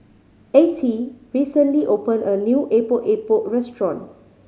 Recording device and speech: mobile phone (Samsung C5010), read sentence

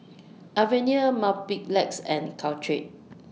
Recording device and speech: mobile phone (iPhone 6), read sentence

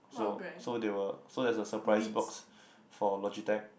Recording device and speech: boundary microphone, conversation in the same room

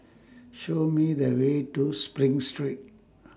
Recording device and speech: standing microphone (AKG C214), read sentence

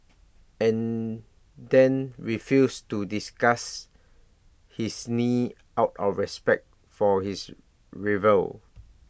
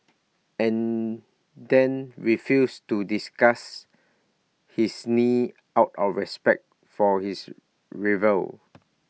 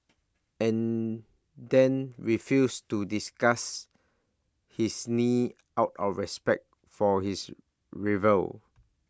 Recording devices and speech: boundary microphone (BM630), mobile phone (iPhone 6), standing microphone (AKG C214), read sentence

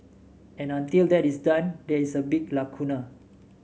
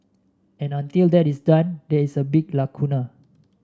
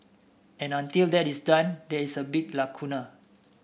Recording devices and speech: mobile phone (Samsung S8), standing microphone (AKG C214), boundary microphone (BM630), read sentence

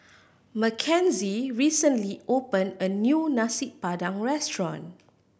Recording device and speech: boundary microphone (BM630), read sentence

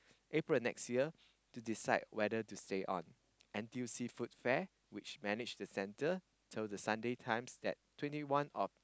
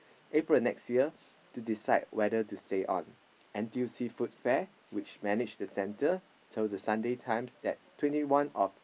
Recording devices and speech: close-talking microphone, boundary microphone, conversation in the same room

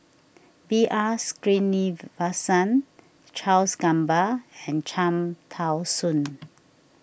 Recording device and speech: boundary microphone (BM630), read sentence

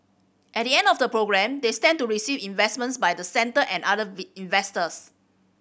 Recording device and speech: boundary microphone (BM630), read sentence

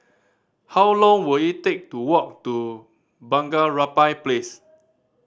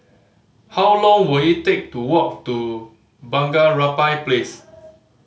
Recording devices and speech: standing microphone (AKG C214), mobile phone (Samsung C5010), read sentence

